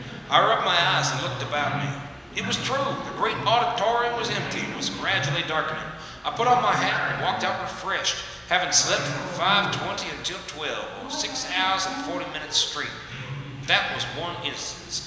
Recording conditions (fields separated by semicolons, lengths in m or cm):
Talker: one person; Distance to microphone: 1.7 m; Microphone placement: close; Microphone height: 1.0 m; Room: very reverberant, large; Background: television